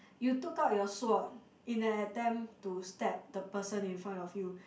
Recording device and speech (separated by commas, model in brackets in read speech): boundary microphone, conversation in the same room